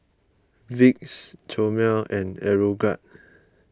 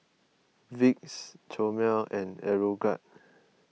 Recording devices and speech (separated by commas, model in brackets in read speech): close-talking microphone (WH20), mobile phone (iPhone 6), read sentence